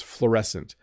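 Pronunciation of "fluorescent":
'Fluorescent' begins with just one vowel sound, the same vowel as in 'floor'.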